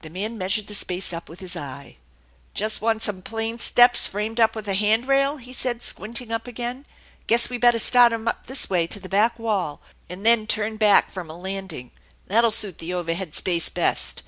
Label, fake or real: real